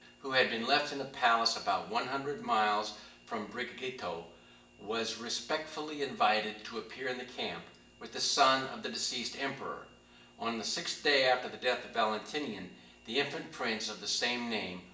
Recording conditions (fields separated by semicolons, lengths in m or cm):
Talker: one person; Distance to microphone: 1.8 m; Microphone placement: close; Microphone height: 1.0 m; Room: large; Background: none